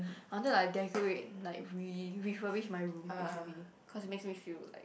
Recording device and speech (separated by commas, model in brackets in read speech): boundary microphone, conversation in the same room